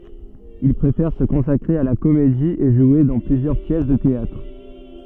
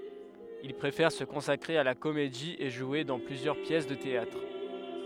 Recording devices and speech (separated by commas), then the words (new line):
soft in-ear microphone, headset microphone, read sentence
Il préfère se consacrer à la comédie et jouer dans plusieurs pièces de théâtre.